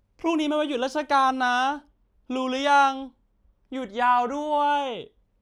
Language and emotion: Thai, happy